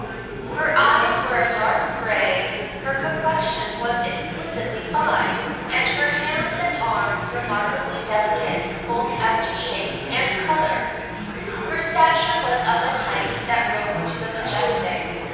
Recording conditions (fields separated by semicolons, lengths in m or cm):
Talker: one person; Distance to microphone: 7.1 m; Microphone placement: far; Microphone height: 1.7 m; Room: very reverberant, large; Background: babble